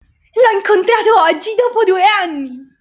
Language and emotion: Italian, happy